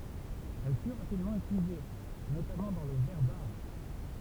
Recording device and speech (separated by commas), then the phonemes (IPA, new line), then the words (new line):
temple vibration pickup, read sentence
ɛl fy ʁapidmɑ̃ ytilize notamɑ̃ dɑ̃ lə vɛʁ daʁ
Elle fut rapidement utilisée, notamment dans le verre d'art.